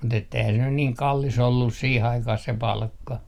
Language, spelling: Finnish, mutta että eihän se nyt niin kallis ollut siihen aikaan se palkka
- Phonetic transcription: mut ‿etteihä se nyn niiŋ 'kallis ollus 'siih 'aikah se "palkka .

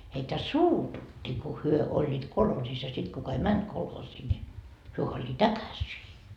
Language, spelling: Finnish, heitä suututti kun he olivat kolhoosissa ja sitten kuka ei mennyt kolhoosiin niin he olivat äkäisiä
- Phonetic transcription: heitä "suututti ku 'hyö 'oĺĺiit "kolhoosis ja sit kuka ei "mänt 'kolhoosii ni , hyö oĺĺiit ‿äkäsii .

